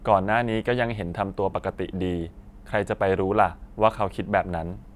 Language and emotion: Thai, frustrated